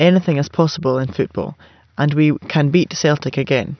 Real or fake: real